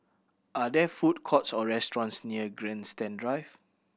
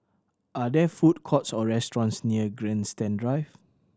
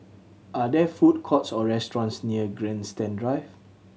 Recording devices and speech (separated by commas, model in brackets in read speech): boundary microphone (BM630), standing microphone (AKG C214), mobile phone (Samsung C7100), read sentence